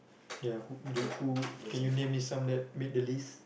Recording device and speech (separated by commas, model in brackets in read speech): boundary microphone, conversation in the same room